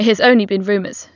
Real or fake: real